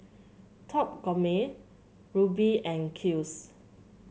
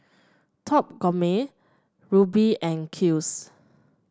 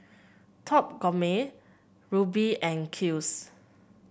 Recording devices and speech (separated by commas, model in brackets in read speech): mobile phone (Samsung C7), standing microphone (AKG C214), boundary microphone (BM630), read sentence